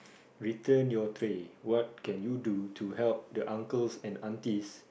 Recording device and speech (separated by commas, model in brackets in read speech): boundary microphone, conversation in the same room